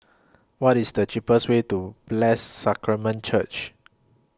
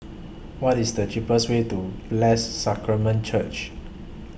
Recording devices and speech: close-talking microphone (WH20), boundary microphone (BM630), read sentence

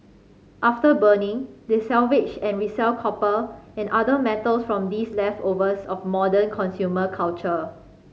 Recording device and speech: mobile phone (Samsung C5010), read sentence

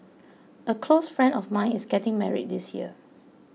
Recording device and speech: mobile phone (iPhone 6), read sentence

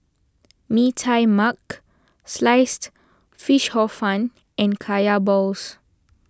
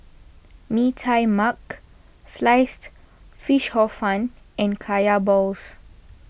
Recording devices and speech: standing microphone (AKG C214), boundary microphone (BM630), read sentence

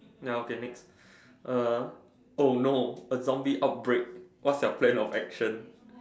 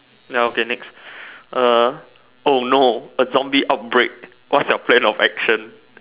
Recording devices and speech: standing microphone, telephone, conversation in separate rooms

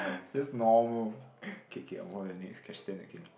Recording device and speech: boundary microphone, conversation in the same room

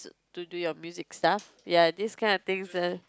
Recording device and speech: close-talking microphone, conversation in the same room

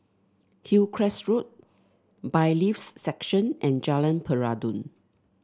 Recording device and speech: standing microphone (AKG C214), read sentence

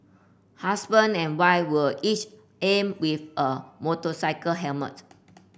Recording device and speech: boundary microphone (BM630), read sentence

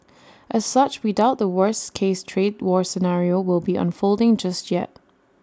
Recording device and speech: standing microphone (AKG C214), read sentence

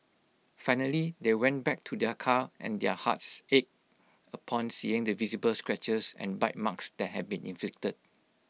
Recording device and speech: mobile phone (iPhone 6), read sentence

